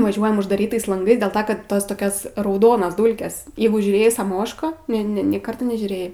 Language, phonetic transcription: Lithuanian, vaˈžiuojam uždaˈrytais lanˈgais dėl ˈta kad ˈtos toˈkios rauˈdonas ˈdūlkes ˈjeigu žiūˈrėjai saˈmošką ˈne ˈne nė ˈkarta nežiūˈrėjai

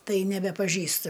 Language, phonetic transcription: Lithuanian, ˈtai nebepaˈžįstɨ

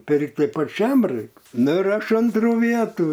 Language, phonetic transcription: Lithuanian, ˈpirkti paˈčiam ˈraik ˈnu ir ˈaš ˈantrų ˈvietų

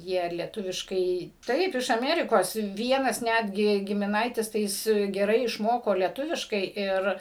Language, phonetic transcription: Lithuanian, ˈjie lieˈtuviškai ˈtaip iš aˈmerikos ˈvienas ˈnætgi gimiˈnaitis tai ˈjis geˈrai išˈmoko leˈtuviškai ˈir

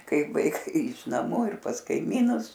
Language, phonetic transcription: Lithuanian, ˈkaip vaiˈkai iš naˈmų ir pas kaiˈmynus

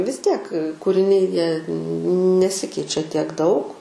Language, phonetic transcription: Lithuanian, vis ˈtiek kūriˈniai jie neˈsikeičia tiek ˈdaug

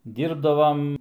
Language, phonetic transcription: Lithuanian, ˈdyrbdavam

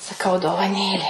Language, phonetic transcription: Lithuanian, saˈkau dovaˈnėlė

